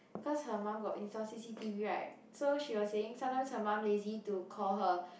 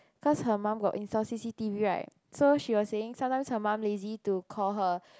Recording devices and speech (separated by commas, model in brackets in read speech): boundary microphone, close-talking microphone, conversation in the same room